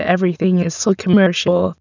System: TTS, waveform concatenation